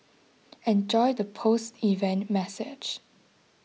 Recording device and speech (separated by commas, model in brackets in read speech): mobile phone (iPhone 6), read sentence